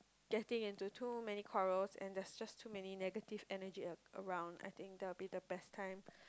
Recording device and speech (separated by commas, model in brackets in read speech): close-talking microphone, conversation in the same room